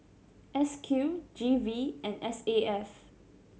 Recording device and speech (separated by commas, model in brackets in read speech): mobile phone (Samsung C7100), read sentence